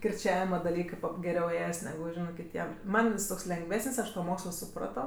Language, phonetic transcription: Lithuanian, kirˈčiavima daˈlykɜ geˈriau ˈėjas neˈgu ˈžinɜ kiˈtiem ˈman jis ˈtoks lengˈvesən's' ˈaš to ˈmokslo suˈprato

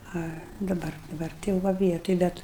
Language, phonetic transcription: Lithuanian, ˈa daˈbar daˈbar tai jau ˈva ˈvietoj ˈbet

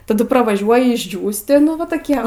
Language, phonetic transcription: Lithuanian, taˈdu pravaˈžiuoji išˈdžiūsti ˈnu va toˈkie va

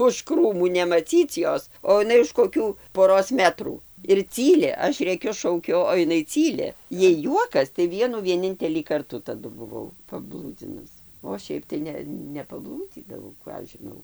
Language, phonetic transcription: Lithuanian, už ˈkrūmų nemaˈcyc ˈjos o iˈnai už koˈkių poˈros ˈmetrų ir ˈcyli ˈaš ˈrėkiu ˈšaukiu o iˈnai ˈcyli ˈjai ˈjuokas tai ˈvienų vieˈnintelį ˈkartų taˈdu buˈvau paˈblūdzinus o ˈšiaip tai ˈne nepaˈblūdzydavau ˈką aš žiˈnau

